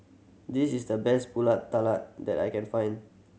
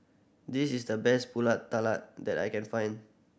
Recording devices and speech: mobile phone (Samsung C7100), boundary microphone (BM630), read sentence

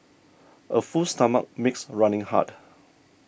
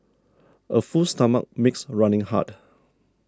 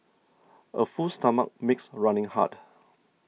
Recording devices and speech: boundary microphone (BM630), standing microphone (AKG C214), mobile phone (iPhone 6), read sentence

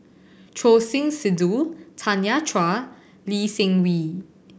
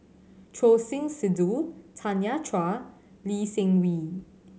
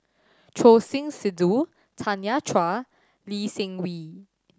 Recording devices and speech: boundary microphone (BM630), mobile phone (Samsung C7100), standing microphone (AKG C214), read sentence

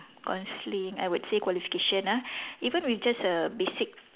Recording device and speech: telephone, conversation in separate rooms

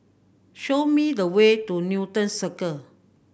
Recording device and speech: boundary microphone (BM630), read sentence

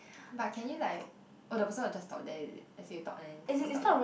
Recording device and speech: boundary microphone, conversation in the same room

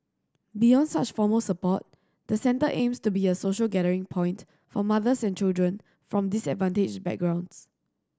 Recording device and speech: standing microphone (AKG C214), read sentence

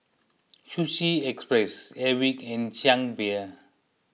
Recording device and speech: mobile phone (iPhone 6), read sentence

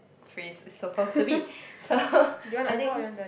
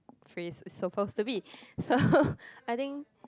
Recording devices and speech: boundary microphone, close-talking microphone, conversation in the same room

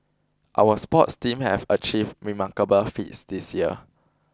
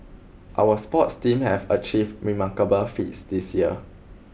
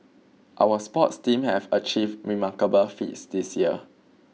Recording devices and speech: close-talking microphone (WH20), boundary microphone (BM630), mobile phone (iPhone 6), read sentence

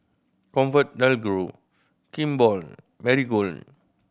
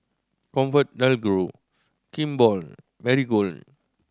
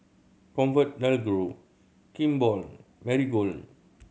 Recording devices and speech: boundary microphone (BM630), standing microphone (AKG C214), mobile phone (Samsung C7100), read sentence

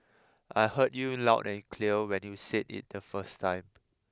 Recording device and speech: close-talking microphone (WH20), read sentence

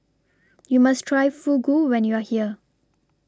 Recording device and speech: standing microphone (AKG C214), read sentence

